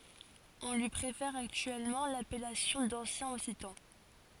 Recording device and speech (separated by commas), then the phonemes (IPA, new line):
forehead accelerometer, read sentence
ɔ̃ lyi pʁefɛʁ aktyɛlmɑ̃ lapɛlasjɔ̃ dɑ̃sjɛ̃ ɔksitɑ̃